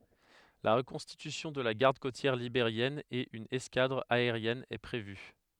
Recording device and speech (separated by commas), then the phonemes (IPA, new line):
headset microphone, read sentence
la ʁəkɔ̃stitysjɔ̃ də la ɡaʁd kotjɛʁ libeʁjɛn e yn ɛskadʁ aeʁjɛn ɛ pʁevy